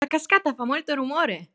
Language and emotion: Italian, happy